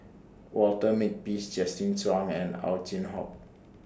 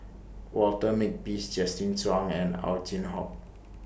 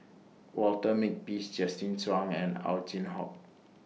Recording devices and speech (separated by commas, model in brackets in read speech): standing microphone (AKG C214), boundary microphone (BM630), mobile phone (iPhone 6), read sentence